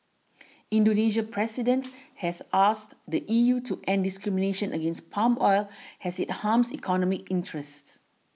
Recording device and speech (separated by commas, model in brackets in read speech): mobile phone (iPhone 6), read sentence